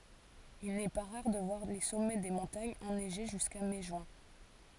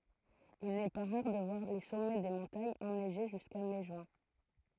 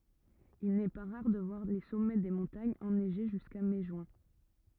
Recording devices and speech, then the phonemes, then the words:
forehead accelerometer, throat microphone, rigid in-ear microphone, read sentence
il nɛ pa ʁaʁ də vwaʁ le sɔmɛ de mɔ̃taɲz ɛnɛʒe ʒyska mɛ ʒyɛ̃
Il n'est pas rare de voir les sommets des montagnes enneigés jusqu'à mai-juin.

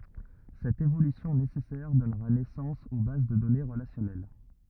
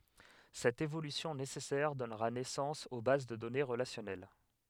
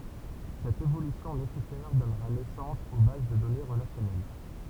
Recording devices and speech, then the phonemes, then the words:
rigid in-ear microphone, headset microphone, temple vibration pickup, read sentence
sɛt evolysjɔ̃ nesɛsɛʁ dɔnʁa nɛsɑ̃s o baz də dɔne ʁəlasjɔnɛl
Cette évolution nécessaire donnera naissance aux bases de données relationnelles.

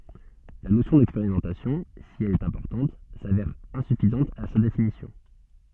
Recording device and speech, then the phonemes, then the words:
soft in-ear microphone, read sentence
la nosjɔ̃ dɛkspeʁimɑ̃tasjɔ̃ si ɛl ɛt ɛ̃pɔʁtɑ̃t savɛʁ ɛ̃syfizɑ̃t a sa definisjɔ̃
La notion d'expérimentation, si elle est importante, s'avère insuffisante à sa définition.

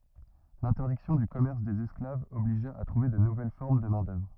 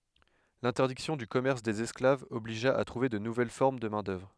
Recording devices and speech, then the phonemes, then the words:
rigid in-ear microphone, headset microphone, read sentence
lɛ̃tɛʁdiksjɔ̃ dy kɔmɛʁs dez ɛsklavz ɔbliʒa a tʁuve də nuvɛl fɔʁm də mɛ̃dœvʁ
L'interdiction du commerce des esclaves obligea à trouver de nouvelles formes de main-d'œuvre.

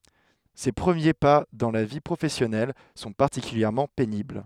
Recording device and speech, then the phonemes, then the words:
headset microphone, read sentence
se pʁəmje pa dɑ̃ la vi pʁofɛsjɔnɛl sɔ̃ paʁtikyljɛʁmɑ̃ penibl
Ses premiers pas dans la vie professionnelle sont particulièrement pénibles.

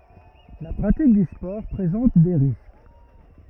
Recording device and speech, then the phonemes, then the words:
rigid in-ear microphone, read sentence
la pʁatik dy spɔʁ pʁezɑ̃t de ʁisk
La pratique du sport présente des risques.

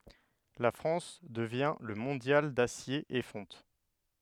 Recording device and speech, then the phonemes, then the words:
headset microphone, read sentence
la fʁɑ̃s dəvjɛ̃ lə mɔ̃djal dasje e fɔ̃t
La France devient le mondial d'acier et fonte.

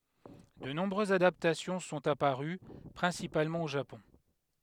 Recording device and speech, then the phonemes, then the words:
headset microphone, read sentence
də nɔ̃bʁøzz adaptasjɔ̃ sɔ̃t apaʁy pʁɛ̃sipalmɑ̃ o ʒapɔ̃
De nombreuses adaptations sont apparues, principalement au Japon.

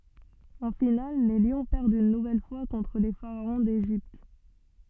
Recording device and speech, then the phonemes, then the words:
soft in-ear microphone, read sentence
ɑ̃ final le ljɔ̃ pɛʁdt yn nuvɛl fwa kɔ̃tʁ le faʁaɔ̃ deʒipt
En finale les Lions perdent une nouvelle fois contre les Pharaons d'Égypte.

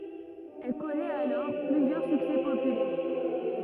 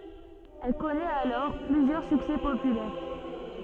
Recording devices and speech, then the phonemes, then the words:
rigid in-ear microphone, soft in-ear microphone, read sentence
ɛl kɔnɛt alɔʁ plyzjœʁ syksɛ popylɛʁ
Elle connaît alors plusieurs succès populaires.

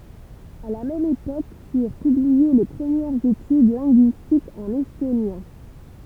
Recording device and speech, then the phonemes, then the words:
temple vibration pickup, read sentence
a la mɛm epok fyʁ pyblie le pʁəmjɛʁz etyd lɛ̃ɡyistikz ɑ̃n ɛstonjɛ̃
À la même époque furent publiées les premières études linguistiques en estonien.

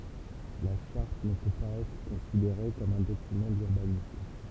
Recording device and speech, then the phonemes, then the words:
temple vibration pickup, read sentence
la ʃaʁt nə pø paz ɛtʁ kɔ̃sideʁe kɔm œ̃ dokymɑ̃ dyʁbanism
La charte ne peut pas être considérée comme un document d’urbanisme.

